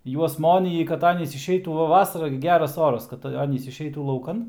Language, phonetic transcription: Lithuanian, ˈjuos ˈmonyji kad ˈanys išˈeitų ˈva ˈvasara gi ˈgeras ˈoras ˈkad ˈanys išˈeitų lauˈkan

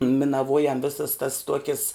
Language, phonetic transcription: Lithuanian, minaˈvuojam ˈvėsas tas ˈtuokis

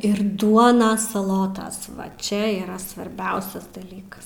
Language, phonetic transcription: Lithuanian, ir ˈduonas saˈlotas va ˈčia yˈra svarˈbiausias daˈlykas

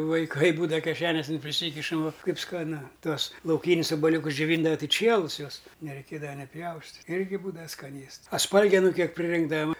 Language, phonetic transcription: Lithuanian, vaiˈkai ˈbūdava keˈšeniosin priˈsykišam vo ˈkaip skaˈnu ˈtuos lauˈkynis obaˈliūkus džioˈvyndava ˈtɨ ˈčielus ˈjuos nereiˈkėdava ni ˈpjaustit' ˈirgi ˈbūdava skaˈnėsts a ˈspalgenu ˈkiek va

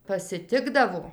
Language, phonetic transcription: Lithuanian, pasiˈtikdavo

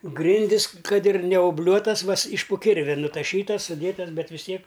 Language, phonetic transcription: Lithuanian, ˈgrindis ˈkad ir neoˈbliuotas ˈvas iš po ˈkirvia nutaˈšytas suˈdėtas ˈbet vis ˈtiek

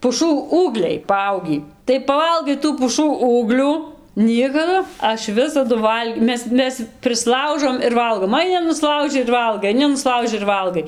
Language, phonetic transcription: Lithuanian, puˈšų ˈūgliai paˈaugį tai paˈvalgai tų puˈšų ˈūglių ˈniekadu ˈaš ˈvisadu ˈval'g' ˈmes ˈmes prisˈlaužom ir ˈvalgom aiˈni nuˈslauži ir ˈvalgai aiˈni nuˈslauži ir ˈvalgai

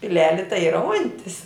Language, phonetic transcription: Lithuanian, piˈleli tai ˈyra ˈuntis

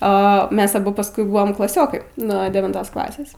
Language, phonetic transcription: Lithuanian, o ˈmes aˈbu pasˈkui ˈbuvom klaˈsiokai nuo devinˈtos ˈklasės

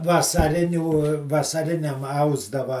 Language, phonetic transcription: Lithuanian, vasaˈrinių vasaˈriniam ˈausdava

